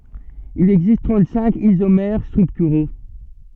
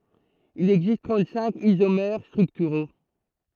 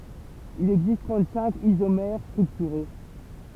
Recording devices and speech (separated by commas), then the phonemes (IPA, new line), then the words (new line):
soft in-ear microphone, throat microphone, temple vibration pickup, read sentence
il ɛɡzist tʁɑ̃t sɛ̃k izomɛʁ stʁyktyʁo
Il existe trente-cinq isomères structuraux.